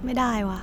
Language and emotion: Thai, frustrated